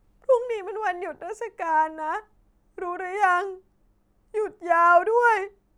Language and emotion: Thai, sad